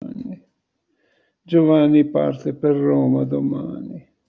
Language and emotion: Italian, sad